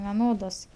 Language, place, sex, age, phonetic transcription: Lithuanian, Aukštaitija, female, 18-60, veˈnodos

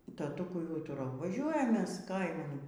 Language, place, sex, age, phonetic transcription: Lithuanian, Aukštaitija, female, 60+, taˈtukui ˈūturau vaˈžiuojam ˈmes ˈkaiman

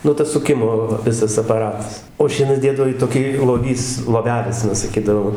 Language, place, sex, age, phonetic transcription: Lithuanian, Dzūkija, male, 60+, ˈnu tas suˈkimo va ˈvisas apaˈratas o ˈšienas ˈdėdavo i toˈkį loˈvys loˈvelis aˈna saˈkydavo

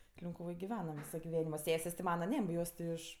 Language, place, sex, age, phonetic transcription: Lithuanian, Aukštaitija, female, 18-60, linkuˈvoj giˈvenam ˈvyso giˈvenimo ˈsesės' ti ˈmana ˈne ˈjos ti ˈiš

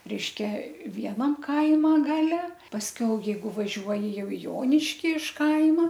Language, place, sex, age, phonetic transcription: Lithuanian, Aukštaitija, female, 60+, ˈreiškia ˈvienam ˈkaima ˈgale pasˈkiau jeiˈgu vaˈžiuoji ˈjau i ˈjoniški iš ˈkaima

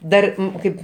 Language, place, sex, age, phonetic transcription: Lithuanian, Aukštaitija, male, 60+, ˈdar ˈkaip

